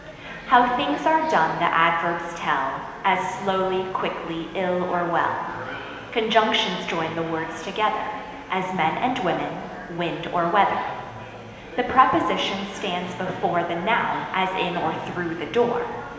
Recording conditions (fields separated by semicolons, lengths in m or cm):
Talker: one person; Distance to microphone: 1.7 m; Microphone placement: close; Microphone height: 1.0 m; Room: very reverberant, large; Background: babble